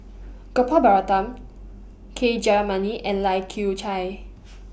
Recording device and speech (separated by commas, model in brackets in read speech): boundary microphone (BM630), read sentence